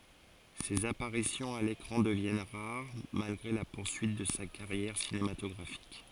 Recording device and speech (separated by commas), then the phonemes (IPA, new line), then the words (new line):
forehead accelerometer, read sentence
sez apaʁisjɔ̃z a lekʁɑ̃ dəvjɛn ʁaʁ malɡʁe la puʁsyit də sa kaʁjɛʁ sinematɔɡʁafik
Ses apparitions à l'écran deviennent rares, malgré la poursuite de sa carrière cinématographique.